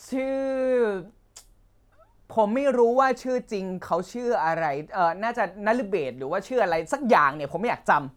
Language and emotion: Thai, frustrated